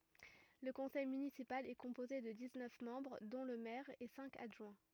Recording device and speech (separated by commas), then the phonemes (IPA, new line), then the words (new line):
rigid in-ear microphone, read sentence
lə kɔ̃sɛj mynisipal ɛ kɔ̃poze də diz nœf mɑ̃bʁ dɔ̃ lə mɛʁ e sɛ̃k adʒwɛ̃
Le conseil municipal est composé de dix-neuf membres dont le maire et cinq adjoints.